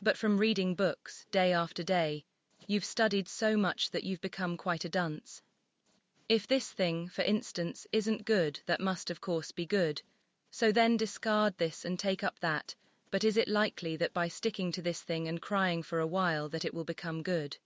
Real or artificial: artificial